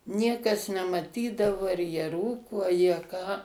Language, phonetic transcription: Lithuanian, ˈniekas nemaˈtydavo ar jie ˈrūko a jie ˈką

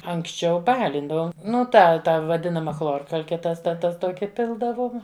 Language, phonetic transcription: Lithuanian, anksˈčiau ˈbalindavom ˈnu ˈta ˈta vaˈdinama ˈchlorkalke tas ta ˈtas ˈtoki ˈpildavom

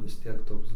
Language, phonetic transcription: Lithuanian, vis ˈtiek ˈtoks

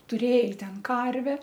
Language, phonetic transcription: Lithuanian, tuˈrėj ˈten ˈkarve

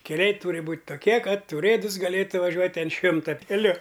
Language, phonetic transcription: Lithuanian, keˈliai ˈtūri ˈbūt' toˈkie ˈkad uˈrėdus gaˈlėtu vaˈžiuot' an ˈšimta keˈliu

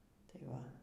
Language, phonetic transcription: Lithuanian, ˈtai va

